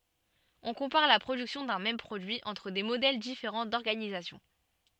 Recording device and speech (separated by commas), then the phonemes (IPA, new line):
soft in-ear microphone, read sentence
ɔ̃ kɔ̃paʁ la pʁodyksjɔ̃ dœ̃ mɛm pʁodyi ɑ̃tʁ de modɛl difeʁɑ̃ dɔʁɡanizasjɔ̃